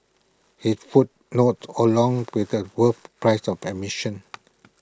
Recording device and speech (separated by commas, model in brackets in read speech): close-talking microphone (WH20), read sentence